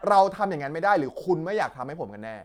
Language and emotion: Thai, angry